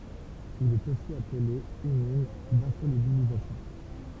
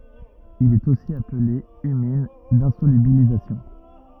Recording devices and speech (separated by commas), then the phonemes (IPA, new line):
temple vibration pickup, rigid in-ear microphone, read sentence
il ɛt osi aple ymin dɛ̃solybilizasjɔ̃